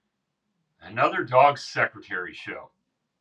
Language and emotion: English, angry